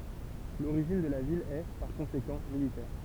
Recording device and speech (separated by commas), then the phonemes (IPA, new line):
temple vibration pickup, read sentence
loʁiʒin də la vil ɛ paʁ kɔ̃sekɑ̃ militɛʁ